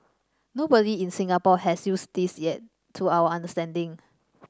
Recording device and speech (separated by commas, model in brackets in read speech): standing microphone (AKG C214), read sentence